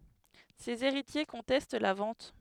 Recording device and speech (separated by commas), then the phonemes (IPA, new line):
headset microphone, read sentence
sez eʁitje kɔ̃tɛst la vɑ̃t